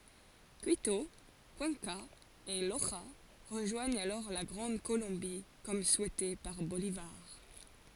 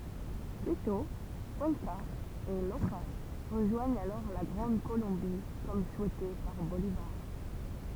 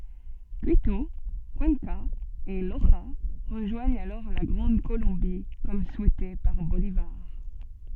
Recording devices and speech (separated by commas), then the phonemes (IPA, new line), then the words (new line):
forehead accelerometer, temple vibration pickup, soft in-ear microphone, read sentence
kito kyɑ̃ka e loʒa ʁəʒwaɲt alɔʁ la ɡʁɑ̃d kolɔ̃bi kɔm suɛte paʁ bolivaʁ
Quito, Cuenca et Loja rejoignent alors la Grande Colombie comme souhaité par Bolívar.